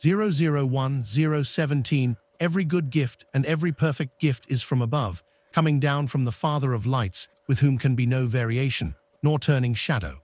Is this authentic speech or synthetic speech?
synthetic